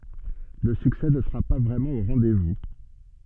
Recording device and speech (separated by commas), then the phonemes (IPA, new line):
soft in-ear microphone, read sentence
lə syksɛ nə səʁa pa vʁɛmɑ̃ o ʁɑ̃dɛzvu